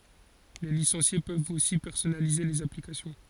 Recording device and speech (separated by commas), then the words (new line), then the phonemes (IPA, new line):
forehead accelerometer, read sentence
Les licenciés peuvent aussi personnaliser les applications.
le lisɑ̃sje pøvt osi pɛʁsɔnalize lez aplikasjɔ̃